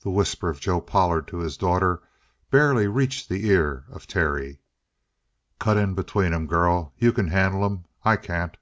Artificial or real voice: real